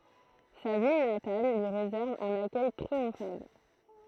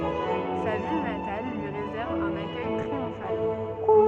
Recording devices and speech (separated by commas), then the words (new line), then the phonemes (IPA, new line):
throat microphone, soft in-ear microphone, read sentence
Sa ville natale lui réserve un accueil triomphal.
sa vil natal lyi ʁezɛʁv œ̃n akœj tʁiɔ̃fal